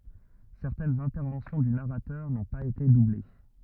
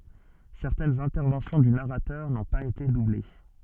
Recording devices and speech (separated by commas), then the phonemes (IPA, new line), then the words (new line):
rigid in-ear microphone, soft in-ear microphone, read sentence
sɛʁtɛnz ɛ̃tɛʁvɑ̃sjɔ̃ dy naʁatœʁ nɔ̃ paz ete duble
Certaines interventions du narrateur n'ont pas été doublées.